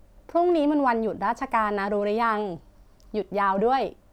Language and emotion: Thai, happy